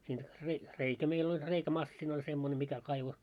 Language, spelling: Finnish, siinä - reikä meillä oli reikämasiina oli semmoinen mikä kaivoi
- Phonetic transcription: siin rei- 'reikä 'meil ‿oĺ , 'reikä"massinᵃ ‿oĺ semmone 'mikä kaivo .

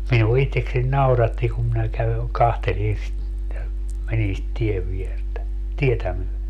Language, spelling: Finnish, minua itsekseni nauratti kun minä käyn katselin sitä menin sitä tien viertä tietä myöden
- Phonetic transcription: minuo 'itteksen 'nauratti kum minä (kävyn) 'kahtelin sit , menin sit 'tiev 'viertä , 'tietä myöle .

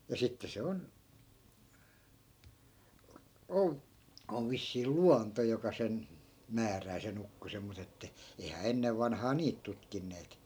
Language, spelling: Finnish, ja sitten se on - on vissiin luonto joka sen määrää sen ukkosen mutta että eihän ennen vanhaan niitä tutkineet
- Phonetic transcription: ja 'sitte 'se on , ol- , ov 'vissii "luanto joka sen , 'määrää se'n ‿ukkosem mut ‿että , eihää 'ennev vanhaa "niit tutkinneet .

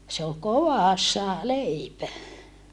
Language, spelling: Finnish, se oli kovassa leipä
- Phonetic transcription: se ol kovàssa , leipä .

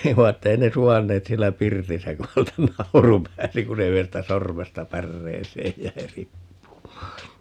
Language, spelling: Finnish, ei vaan että ei ne suvainneet siellä pirtissä kun häneltä nauru pääsi kun se yhdestä sormesta päreeseen jäi riippumaan
- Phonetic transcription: ei va että 'ei ne "suvanneet 'siellä "pirtisä ku 'hältä "nauru 'pääsi ku se 'yhestä "sormesta "pärreeseej 'jäi "rippumaa .

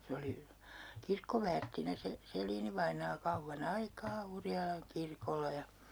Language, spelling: Finnish, se oli kirkkoväärtinä se Selin-vainaa kauan aikaa Urjalan kirkolla ja
- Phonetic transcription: 'se oli , 'kirkkoväärttinä se , 'Sel̀iini-vainaa 'kauvva"n ‿aikaa 'Urjalaŋ 'kirkol̆la ja ,.

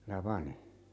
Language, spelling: Finnish, Tapani
- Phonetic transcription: '(Ta)pani .

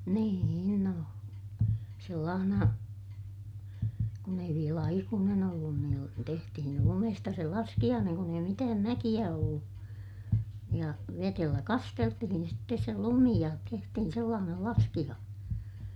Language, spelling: Finnish, niin no sellaisena kun ei vielä aikuinen ollut - tehtiin lumesta se laskiainen kun ei mitään mäkiä ollut ja vedellä kasteltiin sitten se lumi ja tehtiin sellainen laskiainen
- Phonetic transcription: nii₍in no , sellaahna , kun ‿ei viel ‿aikuunen ‿ollun niil- , tehtihin lumesta se laskiʲaaneŋ kun ‿ei mitääm mäkiʲä ollu , ja vetellä kasteltihin sittes se lumi ja , tehtihin sellaanel laskiʲaan(en) .

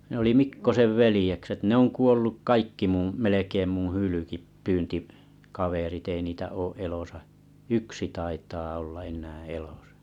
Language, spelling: Finnish, ne oli Mikkosen veljekset ne on kuollut kaikki minun melkein minun - - hylkeenpyyntikaverit ei niitä ole elossa yksi taitaa olla enää elossa
- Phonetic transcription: nĕ ‿oli 'Mikko̰sev 'velĭjekset ne ‿on 'kuolluk 'kaikki mum melekeim muṵ 'hylykip- -'pyynti’- , -'kaverit ei niitä 'oo 'elòsa , 'yksi taitaa olla 'en̆nää 'elosᴀ .

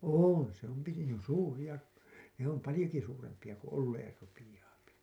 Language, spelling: Finnish, on se on pitempi suuria ne on paljonkin suurempia kun olemaan rupeaa
- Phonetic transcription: oon , se ‿om 'pitem(pi) , "suuri₍a , ne ‿om "palĭjoki 'suurempiʲa ku 'olleer rupijaapi .

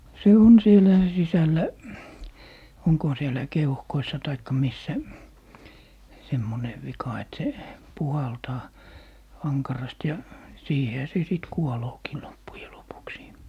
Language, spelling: Finnish, se on siellä sisällä onkohan siellä keuhkoissa tai missä semmoinen vika että se puhaltaa ankarasti ja siihenhän se sitten kuoleekin loppujen lopuksi
- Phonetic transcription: 'se "on 'sielä , 'sisällä , oŋkoha 'siellä "keuhkoissa taikka 'missä , 'semmone , 'vika et 'se , "puhaltaa , 'aŋkarast ja , 'siihehä se 'sìt "kuolookii 'loppuje lopuksii .

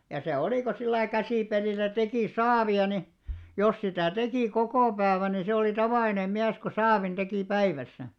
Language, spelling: Finnish, ja se oli kun sillä lailla käsipelillä teki saavia niin jos sitä teki koko päivän niin se oli tavallinen mies kun saavin teki päivässä
- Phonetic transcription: ja se 'olì ko sillai 'käsìpelìl̆lä teki "saavi₍a ni , jos 'sitä̀ 'tekì 'kokò päävän ni 'se oli 'tavàlinem̆ 'miäs ko "saavin 'ᴅekì "päivässä .

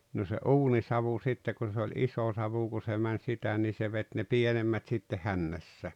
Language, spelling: Finnish, no se uunisavu sitten kun se oli iso savu kun se meni sitä niin se veti ne pienemmät sitten hännässä
- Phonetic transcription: no se "’uunisavu 'sitte kun̬ se oĺ "’isò 'savu ku se män 'sitä nii se 'vet ne "pienemmät sitte "hännässä .

